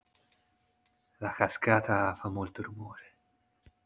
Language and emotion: Italian, neutral